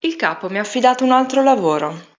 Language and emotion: Italian, neutral